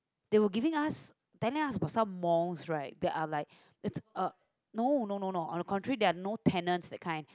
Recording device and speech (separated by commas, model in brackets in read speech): close-talking microphone, conversation in the same room